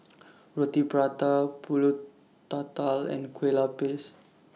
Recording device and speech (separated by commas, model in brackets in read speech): mobile phone (iPhone 6), read sentence